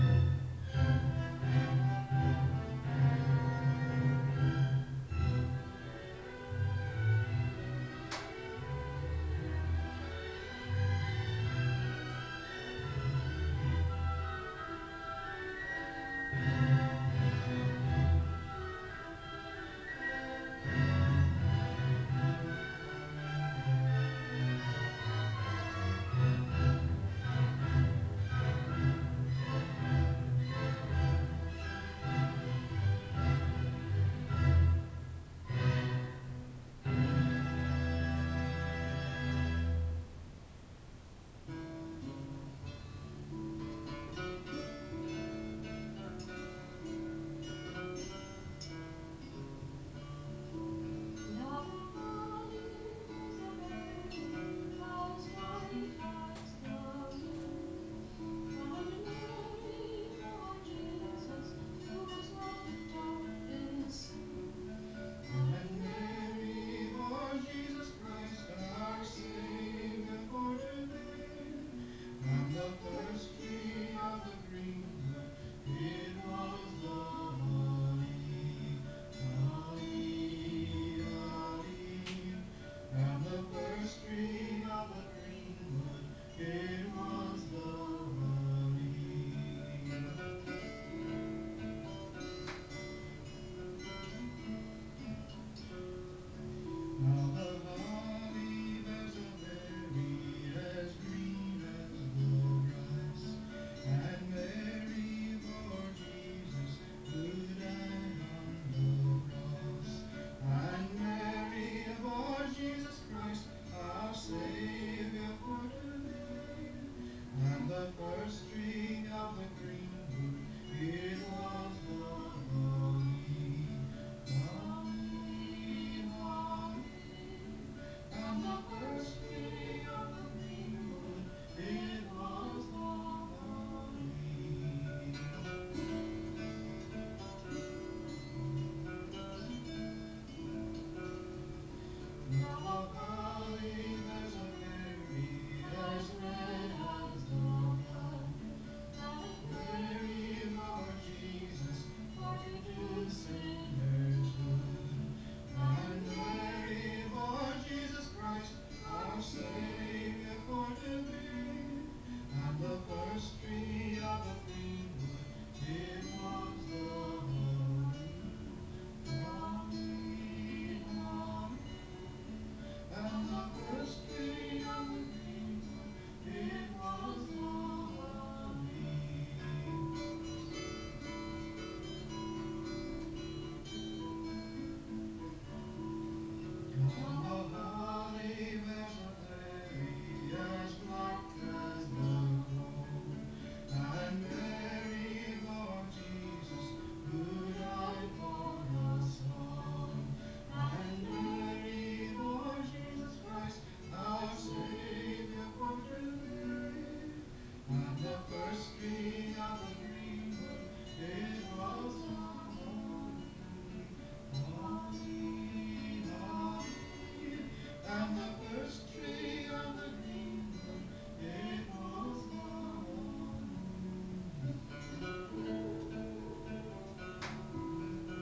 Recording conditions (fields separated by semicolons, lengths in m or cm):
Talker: no one; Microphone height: 71 cm; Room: small (3.7 m by 2.7 m); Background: music